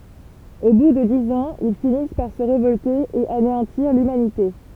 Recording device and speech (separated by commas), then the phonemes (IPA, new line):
temple vibration pickup, read sentence
o bu də diz ɑ̃z il finis paʁ sə ʁevɔlte e aneɑ̃tiʁ lymanite